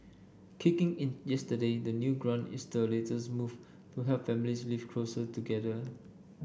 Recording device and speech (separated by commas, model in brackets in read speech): boundary microphone (BM630), read sentence